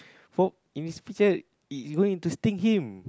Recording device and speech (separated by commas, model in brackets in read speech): close-talking microphone, conversation in the same room